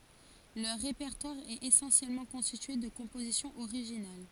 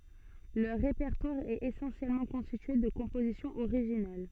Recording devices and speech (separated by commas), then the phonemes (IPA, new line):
forehead accelerometer, soft in-ear microphone, read sentence
lœʁ ʁepɛʁtwaʁ ɛt esɑ̃sjɛlmɑ̃ kɔ̃stitye də kɔ̃pozisjɔ̃z oʁiʒinal